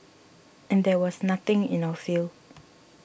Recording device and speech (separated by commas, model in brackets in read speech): boundary microphone (BM630), read sentence